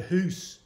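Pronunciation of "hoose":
The word 'house' is said the Scottish way, as 'hoose' rather than 'house'.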